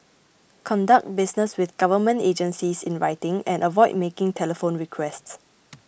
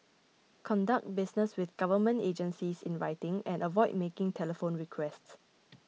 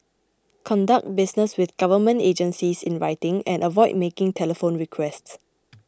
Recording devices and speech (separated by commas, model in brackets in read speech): boundary microphone (BM630), mobile phone (iPhone 6), close-talking microphone (WH20), read sentence